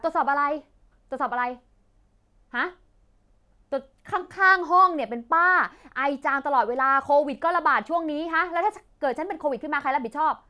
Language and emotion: Thai, angry